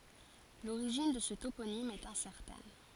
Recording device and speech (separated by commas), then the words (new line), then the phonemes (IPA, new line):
forehead accelerometer, read sentence
L'origine de ce toponyme est incertaine.
loʁiʒin də sə toponim ɛt ɛ̃sɛʁtɛn